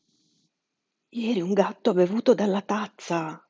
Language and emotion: Italian, surprised